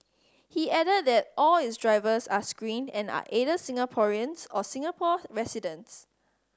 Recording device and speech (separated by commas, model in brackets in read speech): standing microphone (AKG C214), read sentence